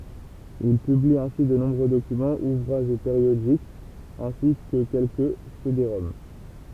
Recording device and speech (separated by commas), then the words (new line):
temple vibration pickup, read sentence
Il publie ainsi de nombreux documents, ouvrages ou périodiques, ainsi que quelques cédéroms.